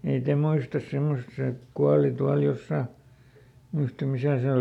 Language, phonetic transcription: Finnish, ei ˈte muistas ˈsemmos se "kuali ˈtual ˈjossà , muistam̆ ˈmisä̀ se ˈol .
- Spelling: ei te muista semmoista se kuoli tuolla jossakin muista missä se oli

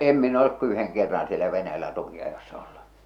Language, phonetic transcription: Finnish, 'em min ‿olek ku 'yheŋ kerran sielä 'Venäjällä 'tuki₍ajossa ollu .
- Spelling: en minä ole kuin yhden kerran siellä Venäjällä tukinajossa ollut

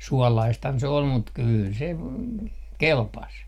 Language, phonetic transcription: Finnish, "suɔlaisthan 'se ol mut 'kyyl se , "kelpas .
- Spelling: suolaistahan se oli mutta kyllä se kelpasi

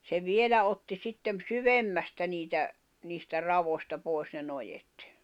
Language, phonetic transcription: Finnish, se "vielä otti 'sittem "syvemmästä niitä , 'niistä 'ravosta pòis ne 'nojet .
- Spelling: se vielä otti sitten syvemmästä niitä niistä raoista pois ne noet

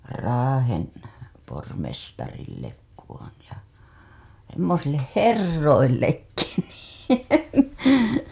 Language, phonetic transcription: Finnish, Raahen , pormestarillek kuwon ja , 'semmosilleh "herroillekki niin .
- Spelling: Raahen pormestarille kudoin ja semmoisille herroillekin niin

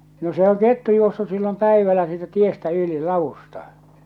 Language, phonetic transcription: Finnish, no se oŋ "kettu 'juossus sillom 'päivällä siitä 'tiestä 'yli "lavusta .
- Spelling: no se on kettu juossut silloin päivällä siitä tiestä yli ladusta

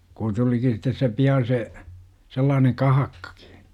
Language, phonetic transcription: Finnish, kun 'tuliki sit̆tes se 'pian̬ se , 'sellaaneŋ "kahakkAkI .
- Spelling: kun tulikin sitten se pian se sellainen kahakkakin

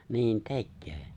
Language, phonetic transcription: Finnish, 'niin "tekköö .
- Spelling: niin tekee

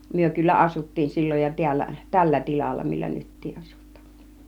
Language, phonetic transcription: Finnish, 'myö kyllä 'asuttiin sil͕l͕oj jo 'tiällä , "tällä 'tilalla millä 'nyttiiˀ 'ˀasut̆taa(n) .
- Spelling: me kyllä asuttiin silloin jo täällä tällä tilalla millä nytkin asutaan

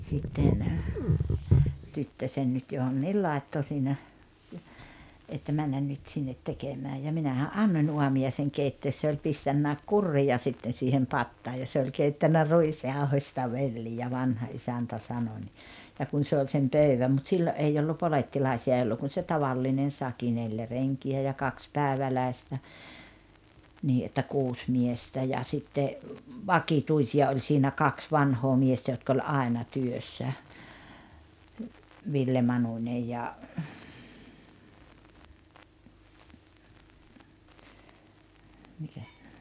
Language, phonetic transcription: Finnish, sitten , 'tyttösen nyt johonniil 'làetto siinä , si- , että 'männän 'nyt sinnet 'tekemääj ja 'minähä’ "’annoń 'uami₍aiseŋ "keittees se oĺ 'pistännä̀ek "kurrija 'sitten̬ siihem "pattaa ja se oĺ 'keittännä "ruisjaohośta "vellijä 'vanha '’isäntä 'sano ńi , ja 'kun se oĺ sem "pöyväm mut 'sillo ’ei ollu 'polettilaisi₍a ’ei ollu kun se "tavallinen 'saki 'neljä "reŋki₍ä ja 'kaks "pääᵉväläistä , 'nii ’että "kuus 'miestä ja 'sitte , "vakituisi₍a oĺ siinä "kaks 'vanhoo 'miestä jotk ‿oĺ "àena 'työssä , 'Ville 'Manuńej ja , mikä ,.
- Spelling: sitten tyttösen nyt johonkin laittoi siinä - että mennä nyt sinne tekemään ja minähän annoin aamiaisen keittää se oli pistänytkin kurria sitten siihen pataan ja se oli keittänyt ruisjauhosta velliä vanha isäntä sanoi niin ja kun se oli sen pöydän mutta silloin ei ollut polettilaisia ei ollut kuin se tavallinen sakki neljä renkiä ja kaksi päiväläistä niin että kuusi miestä ja sitten vakituisia oli siinä kaksi vanhaa miestä jotka oli aina työssä Ville Manunen ja mikä

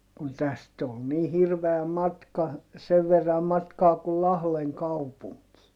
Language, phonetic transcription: Finnish, kun täst ol nii hirveä matka , sev verram matkaa kul Lahleŋ kaupuŋkii .
- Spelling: kun tästä oli niin hirveä matka sen verran matkaa kuin Lahden kaupunkiin

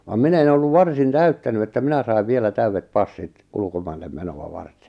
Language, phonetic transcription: Finnish, vam 'minᵃ̈ en ‿olluv "varsin "täyttäny että 'minä sai̬v 'vielä "täyvvet "passit , 'ulkomaillem 'meno₍a 'vartᴇ .
- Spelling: vaan minä en ollut varsin täyttänyt että minä sain vielä täydet passit ulkomaille menoa varten

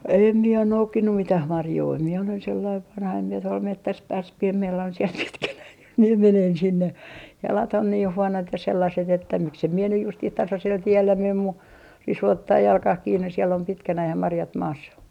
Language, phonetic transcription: Finnish, 'em mie on "noukkinnum 'mitäh 'marjoi mie olen sellaiv 'vanha em mie tuol 'mettäs "pääs (pi₍em) mie olen siel 'pitkänäin jos mie menen sinne , jalat on niih 'huonot ja sellaset että miksem mie nyj 'justih 'tasasel 'tiellä mem mu , 'risu 'ottaa "jalkah 'kiinnes̆ siel ‿om 'pitkänäh ja 'marjat 'maassa .
- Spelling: en minä ole noukkinut mitään marjoja minä olen sellainen vanha en minä tuolla metsässä pääse pian minä olen siellä pitkänäni jos minä menen sinne jalat on niin huonot ja sellaiset että miksi en minä nyt justiin tasaisella tiellä mene mutta risu ottaa jalkaan kiinni siellä on pitkänään ja marjat maassa

